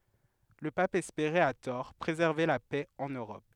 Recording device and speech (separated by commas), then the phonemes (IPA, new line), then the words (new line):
headset microphone, read sentence
lə pap ɛspeʁɛt a tɔʁ pʁezɛʁve la pɛ ɑ̃n øʁɔp
Le Pape espérait, à tort, préserver la paix en Europe.